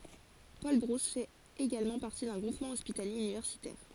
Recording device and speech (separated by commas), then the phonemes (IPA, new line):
forehead accelerometer, read sentence
polbʁus fɛt eɡalmɑ̃ paʁti dœ̃ ɡʁupmɑ̃ ɔspitalje ynivɛʁsitɛʁ